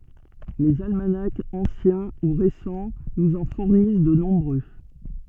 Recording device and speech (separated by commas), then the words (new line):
soft in-ear microphone, read sentence
Les almanachs anciens ou récents nous en fournissent de nombreux.